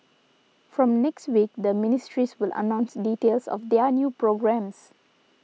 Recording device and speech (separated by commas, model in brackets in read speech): mobile phone (iPhone 6), read sentence